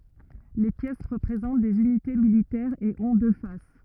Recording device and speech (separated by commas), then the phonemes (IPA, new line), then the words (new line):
rigid in-ear microphone, read sentence
le pjɛs ʁəpʁezɑ̃t dez ynite militɛʁz e ɔ̃ dø fas
Les pièces représentent des unités militaires et ont deux faces.